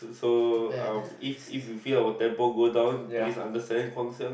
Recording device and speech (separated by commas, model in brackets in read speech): boundary microphone, conversation in the same room